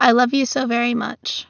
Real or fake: real